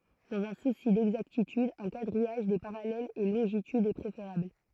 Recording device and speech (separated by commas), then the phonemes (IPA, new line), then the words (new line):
throat microphone, read sentence
dɑ̃z œ̃ susi dɛɡzaktityd œ̃ kadʁijaʒ de paʁalɛlz e lɔ̃ʒitydz ɛ pʁefeʁabl
Dans un souci d'exactitude, un quadrillage des parallèles et longitudes est préférable.